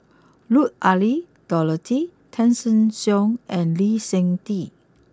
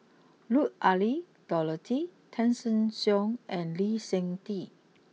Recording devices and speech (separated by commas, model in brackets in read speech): close-talking microphone (WH20), mobile phone (iPhone 6), read sentence